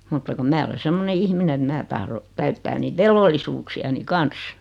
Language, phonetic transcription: Finnish, mutta kum 'mää ole 'semmone 'ihmine et "mä tahro , 'täyttää niit "velvollisuuksi₍ani "kans .
- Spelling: mutta kun minä olen semmoinen ihminen että minä tahdon täyttää niitä velvollisuuksiani kanssa

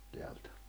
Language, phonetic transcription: Finnish, teältᴀ̈ .
- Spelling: täältä

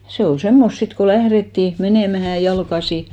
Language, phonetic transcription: Finnish, 'se ol 'semmost 'sit ko 'lährettì , 'menèmähä , 'jalkasi .
- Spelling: se oli semmoista sitten kun lähdettiin menemään jalkaisin

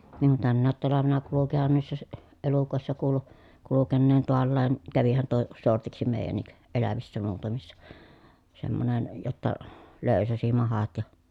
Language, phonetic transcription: Finnish, niŋ kun tännäät talavena kulukihan niissä si- , elukòessa kuulu , kulukenneen toallaan , kävihän tuo , sortiksi mèi̮jännik , elävissä muutamissa , semmonen , jotta , lö̀y̬säsi mahat ja ,.
- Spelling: niin kuin tänäkin talvena kulkihan niissä - elukoissa kuului kulkeneen taallakin kävihän tuo sortiksi meidänkin elävissä muutamissa semmoinen jotta löysäsi mahat ja

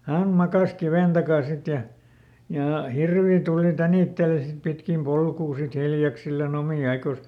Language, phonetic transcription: Finnish, "häm ˈmakàs "kivèn takàn̬ ˈsit ja , ja "hirvi ˈtùli ˈtänìtteli sit ˈpitkim ˈpolkuu sit "hiljaksillaˈn ‿omì ˈaikòs .
- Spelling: hän makasi kiven takana sitten ja ja hirvi tuli tänitteli sitten pitkin polkua sitten hiljaksillaan omia aikojansa

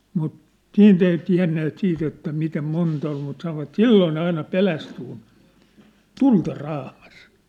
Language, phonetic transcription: Finnish, mut , 'siint ‿ei 'tiä̭nneet 'siit ‿että mitem 'monta ol mut sanovat "silloo ne aina "pelästy kun , "tulta "raamas .
- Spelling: mutta siitä ei tienneet siitä että miten monta oli mutta sanoivat silloin ne aina pelästyi kun tulta raamaisi

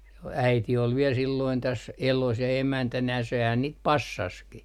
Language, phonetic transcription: Finnish, s - "äiti ol viel silloin täs , "elos ja 'emäntänä sehän niit "passaski .
- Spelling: - äiti oli vielä silloin tässä elossa ja emäntänä sehän niitä passasikin

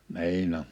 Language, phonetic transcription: Finnish, 'ni̬in ‿oᴍ .
- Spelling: niin on

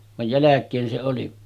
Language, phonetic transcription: Finnish, vaj 'jäläk̆keen se oli .
- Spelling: vaan jälkeen se oli

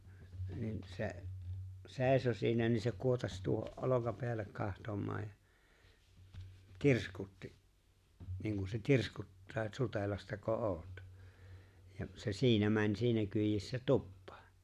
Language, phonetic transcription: Finnish, niin , 'se̬’ , 'se̬e̬ⁱso siinä niin se , 'kuotaś tuoho’ '’olokapeällek 'kahtom̀aaj ja , "tirskutti , niiŋ ‿kus se "tirskuttaa et » 'Sutelastako "’oot « , ja se 'siinä mäń 'siinä kyijissä "tuppᴀᴀ .
- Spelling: niin se seisoi siinä niin se kuotasi tuohon olkapäälle katsomaan ja tirskutti niin kuin se tirskuttaa että Sutelastako olet ja se siinä meni siinä kyydissä tupaan

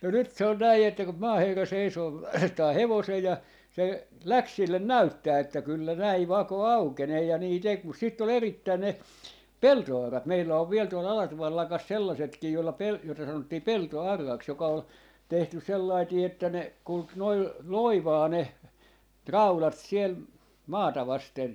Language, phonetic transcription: Finnish, no 'nyt s ‿ol 'näi että kum 'maaherra 'seisoo , 'vaihtaa "hevosej̆ ja , se "läks 'sillen "näyttää että 'kyllä 'näi "vako "aukenee ja 'nii 'tek mus sitt ‿ol 'erit̆tää ne , "pelto₍'arrat 'meillä 'ov 'viel tuol 'Alatuval 'lakas 'sellasetkii jolla pel- , joita 'sanottii "pelto₍"arraks joka ol , 'tehtys̆ 'sellaitii että ne , 'kulk noi , "loivaa 'ne , "raulat 'siel , 'maata 'vasten .
- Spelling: no nyt se oli näin että kun maaherra seisoo vaihtaa hevosen ja se lähti sille näyttämään että kyllä näin vako aukenee ja niin teki mutta sitten oli erittäin ne peltoaurat meillä on vielä tuolla Alatuvan lakassa sellaisetkin jolla - joita sanottiin peltoauraksi joka oli tehty sellainen että ne kulki noin loivaan ne raudat siellä maata vasten

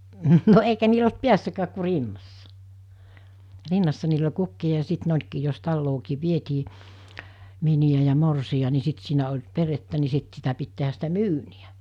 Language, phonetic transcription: Finnish, no eikä niil ‿olt "piässäkääk ku 'rinnassa , 'rinnassa niil ‿oĺ 'kukki₍a ja 'sit ne olkii jos 'tallookii 'vietii , 'mini₍ä ja 'morsi₍a ni 'sit siinä oĺ 'perettä ni 'sit sitä pit tehäs sitä "myyni₍ä .
- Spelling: no eikä niillä ollut päässäkään kun rinnassa rinnassa niillä oli kukkia ja sitten ne olikin jos taloonkin vietiin miniä ja morsian niin sitten siinä oli perhettä niin sitten sitä piti tehdä sitä myyniä

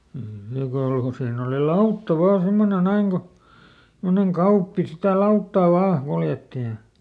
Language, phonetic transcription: Finnish, ˈniiŋ kau₍aŋ ko ˈsiinn ‿oli "lautta ˈvaan̬ ˈsemmone ˈnäiŋ Go , ˈsemmoneŋ "Kauppi sitä "lauttà vaa , ˈkuljetti ja ,.
- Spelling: niin kauan kuin siinä oli lautta vain semmoinen näin kun semmoinen Kauppi sitä lauttaa vain kuljetti ja

